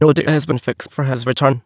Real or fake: fake